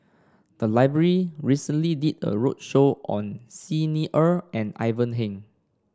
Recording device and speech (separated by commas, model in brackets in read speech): standing microphone (AKG C214), read sentence